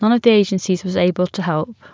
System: none